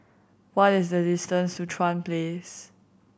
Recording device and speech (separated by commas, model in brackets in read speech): boundary microphone (BM630), read sentence